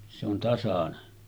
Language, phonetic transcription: Finnish, se ‿on 'tasanen .
- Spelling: se on tasainen

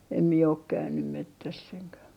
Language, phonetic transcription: Finnish, em mie ok 'käynym "mettäss ‿eŋkä ,.
- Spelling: en minä ole käynyt metsässä enkä

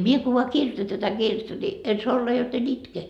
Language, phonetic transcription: Finnish, 'mie ko voa 'kirʲᵒta tätä 'kirjettä ni , en soa 'olla jot ‿en "itke .
- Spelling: minä kun vain kirjoitan tätä kirjettä niin en saa olla jotta en itke

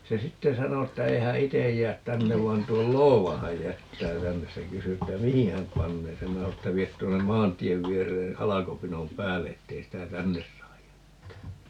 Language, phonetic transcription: Finnish, 'se "sitte 'sano ‿ttä 'ei hä "itej 'jäät "tännev vain 'tuol "loova häj 'jättää 'tännes - se 'kysy että "mihi häm 'pannee sem - 'minä sao että » 'viet 'tuonnem "maant̀iev 'vieree "halakopinom "päälle 'ettei sitä "tännes saaj 'jättää » .
- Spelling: se sitten sanoi että ei hän itse jää tänne vaan tuon loodan hän jättää tänne se kysyi että mihin hän panee sen minä sanoin että vie tuonne maantien viereen halkopinon päälle että ei sitä tänne saa jättää

